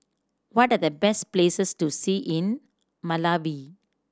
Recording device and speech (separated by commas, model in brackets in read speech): standing microphone (AKG C214), read sentence